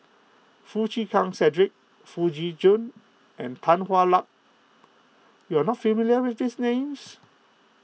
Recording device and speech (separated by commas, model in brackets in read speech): mobile phone (iPhone 6), read sentence